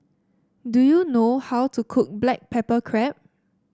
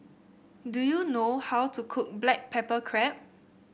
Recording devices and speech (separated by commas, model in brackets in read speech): standing microphone (AKG C214), boundary microphone (BM630), read sentence